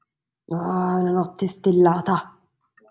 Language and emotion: Italian, angry